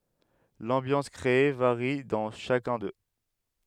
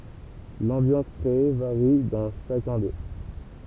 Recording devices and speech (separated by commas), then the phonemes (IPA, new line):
headset microphone, temple vibration pickup, read sentence
lɑ̃bjɑ̃s kʁee vaʁi dɑ̃ ʃakœ̃ dø